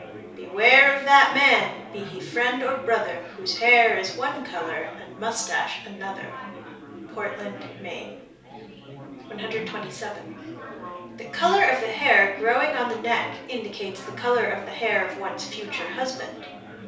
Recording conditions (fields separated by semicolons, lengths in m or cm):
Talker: one person; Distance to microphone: 3.0 m; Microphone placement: far; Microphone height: 1.8 m; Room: small (3.7 m by 2.7 m); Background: babble